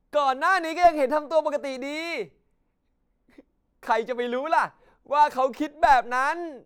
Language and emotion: Thai, happy